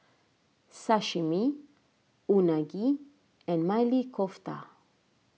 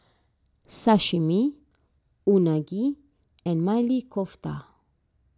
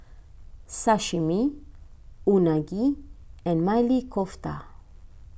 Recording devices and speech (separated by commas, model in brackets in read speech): mobile phone (iPhone 6), standing microphone (AKG C214), boundary microphone (BM630), read sentence